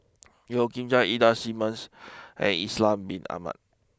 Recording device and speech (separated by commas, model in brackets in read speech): close-talking microphone (WH20), read sentence